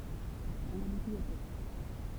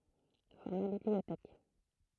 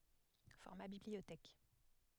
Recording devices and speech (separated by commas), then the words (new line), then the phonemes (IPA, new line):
temple vibration pickup, throat microphone, headset microphone, read sentence
Format bibliothèque.
fɔʁma bibliotɛk